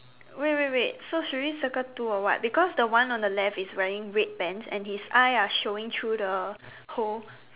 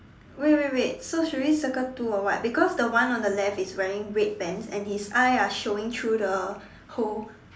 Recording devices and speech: telephone, standing microphone, conversation in separate rooms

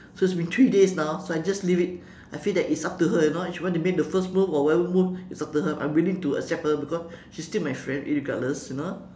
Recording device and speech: standing microphone, conversation in separate rooms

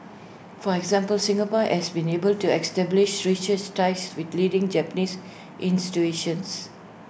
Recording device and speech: boundary microphone (BM630), read sentence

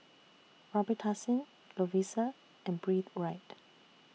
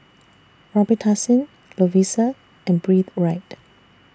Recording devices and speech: mobile phone (iPhone 6), standing microphone (AKG C214), read sentence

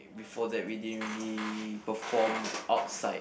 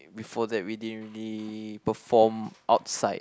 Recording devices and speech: boundary microphone, close-talking microphone, conversation in the same room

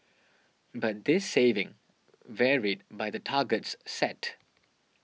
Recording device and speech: mobile phone (iPhone 6), read sentence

